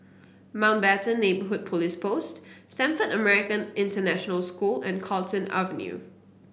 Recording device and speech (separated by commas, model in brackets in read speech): boundary microphone (BM630), read sentence